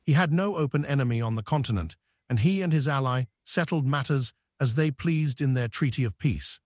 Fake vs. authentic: fake